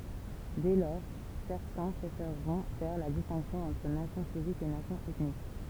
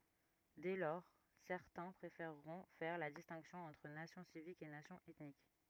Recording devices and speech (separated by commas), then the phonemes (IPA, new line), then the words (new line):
temple vibration pickup, rigid in-ear microphone, read sentence
dɛ lɔʁ sɛʁtɛ̃ pʁefeʁʁɔ̃ fɛʁ la distɛ̃ksjɔ̃ ɑ̃tʁ nasjɔ̃ sivik e nasjɔ̃ ɛtnik
Dès lors, certains préféreront faire la distinction entre nation civique et nation ethnique.